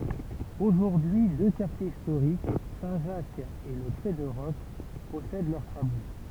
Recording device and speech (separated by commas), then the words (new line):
temple vibration pickup, read sentence
Aujourd'hui deux quartiers historiques, Saint Jacques et le Crêt de Roc, possèdent leurs traboules.